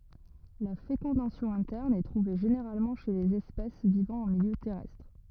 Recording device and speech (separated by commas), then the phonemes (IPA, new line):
rigid in-ear microphone, read sentence
la fekɔ̃dasjɔ̃ ɛ̃tɛʁn ɛ tʁuve ʒeneʁalmɑ̃ ʃe lez ɛspɛs vivɑ̃ ɑ̃ miljø tɛʁɛstʁ